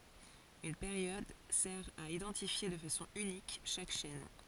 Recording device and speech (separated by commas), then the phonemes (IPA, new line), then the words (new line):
forehead accelerometer, read sentence
yn peʁjɔd sɛʁ a idɑ̃tifje də fasɔ̃ ynik ʃak ʃɛn
Une période sert à identifier de façon unique chaque chaîne.